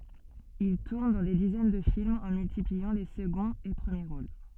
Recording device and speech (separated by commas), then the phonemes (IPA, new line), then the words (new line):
soft in-ear microphone, read sentence
il tuʁn dɑ̃ de dizɛn də filmz ɑ̃ myltipliɑ̃ le səɡɔ̃z e pʁəmje ʁol
Il tourne dans des dizaines de films, en multipliant les seconds et premiers rôles.